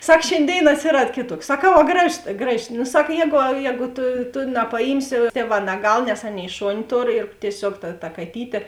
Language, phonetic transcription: Lithuanian, ˈsak šėnˈdėin atsiˈrad ˈkėˌtuoks saˈkau a ˈgraˌžos ˈgraˌži nu ˈsak ˈjēgu ˈjēgu ˈtu tu napaˈjymsi ˈtieˌvā naˈgal nes ˈaˌnėi ˈšoni ˈtor ir tieˈsiog ta ta kaˈtytė

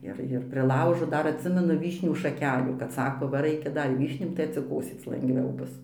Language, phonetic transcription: Lithuanian, ˈir ir priˈlaužo ˈdar atˈsimenu ˈvyšnių šaˈkelių kad ˈsako ˈva ˈraikia ˈdar i ˈvyšnių tai atsiˈkosėc langˈviau ˈbus

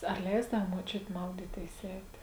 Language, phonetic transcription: Lithuanian, ar ˈleisdau muoˈčiuti ˈmaudytėis ˈeitė

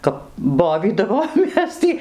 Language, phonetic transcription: Lithuanian, ˈkap ˈbovydavomės tį

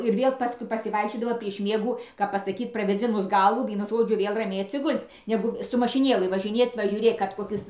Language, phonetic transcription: Lithuanian, ir ˈviel ˈpaskui pasiˈvaikščiodama prieš ˈmiegų kap pasaˈkyt pravėˈdzinus ˈgalvų ˈvienu ˈžodžiu ˈvėl raˈmiai atsiˈgul'c' ˈnegu su mašiˈnėlɨ važiˈnėc va žiūˈrėk kad koˈkis

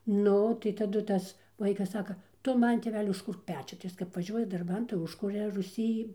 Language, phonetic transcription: Lithuanian, ˈnu tai taˈdu ˈtas ˈvaikas ˈsaka ˈtu ˈman tėˈveli užˈkurk ˈpečiu tai ˈjis kap vaˈžiuoja darˈban tai ˈužkuria ruˈsy

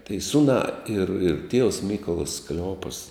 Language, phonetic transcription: Lithuanian, tai ˈsunā ir ir tievs ˈmykolas kleˈopas

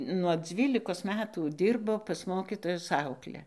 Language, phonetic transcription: Lithuanian, nuo ˈdzvylikos ˈmetų ˈdyrbo pas ˈmokytojus ˈaukle

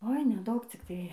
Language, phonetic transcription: Lithuanian, oi neˈdaug cikˈtai

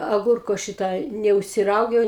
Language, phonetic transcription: Lithuanian, aˈgurko ˈšita neužsiˈraugiau

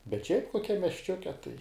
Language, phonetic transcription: Lithuanian, bet šiaip koˈkiam miesˈčiuke tai

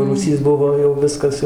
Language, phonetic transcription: Lithuanian, rūˈsys ˈbuvo jau ˈviskas jau

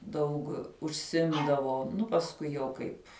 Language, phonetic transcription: Lithuanian, daug užˈsimdavo ˈnu pasˈkui jau kaip

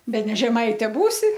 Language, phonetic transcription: Lithuanian, beˈne žeˈmaite ˈbūsi

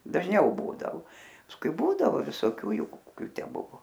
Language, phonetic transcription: Lithuanian, dažˈniau ˈbūdao pasˈkui ˈbūdavo visoˈkių ˈjų koˈkiu ˈtę ˈbuvo

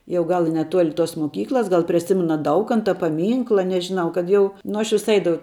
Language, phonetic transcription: Lithuanian, jau ˈgal i neˈtuoli tos moˈkyklas ˈgal prie ˈsimana ˈdaukanta paˈmynkla nežiˈnau kad ˈjau ˈnu aš ˈvis ˈaidavau

